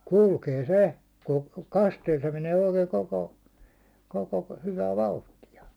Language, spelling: Finnish, kulkee se kun kasteella se menee oikein koko koko hyvä vauhtia
- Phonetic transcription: 'kulkee "se , ku- , 'kasteel se menee oikee 'koko , koko hyvä "vauhtija .

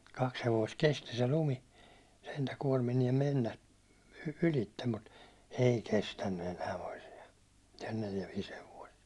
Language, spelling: Finnish, kaksi hevosta kesti se lumi sentään kuormineen mennä ylitse mutta ei kestänyt enää toisia neljä viisi hevosta
- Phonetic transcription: 'kaks hevoist "kesti se lumi , sentä 'kuårminiem 'mennä , 'ylittem mut , "ei "kestänny enää toisia , neljä viis hevoist .

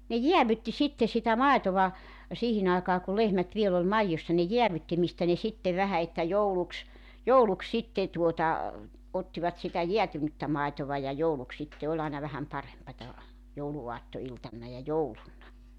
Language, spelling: Finnish, ne jäädytti sitten sitä maitoa siihen aikaan kun lehmät vielä oli maidossa ne jäädytti mistä ne sitten vähän että jouluksi jouluksi sitten tuota ottivat sitä jäätynyttä maitoa ja jouluksi sitten oli aina vähän parempaa jouluaattoiltana ja jouluna
- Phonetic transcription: ne "jiävytti 'sitte sitä "maetova , 'siihin ‿aekaa ku 'lehmät 'viel ‿ol "maijjossa ne 'jeävytti mistä ne 'sittev 'vähä että 'jouluks , "jouluks 'sitte tuota , 'ottivat sitä 'jeätynyttä 'màetova ja 'jouluk sitte 'oĺ ‿aena vähäm 'parempata , 'joulu₍uatto₍iltanna ja 'joulunna .

